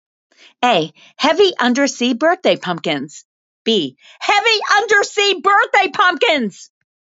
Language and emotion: English, angry